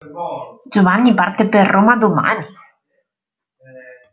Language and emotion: Italian, surprised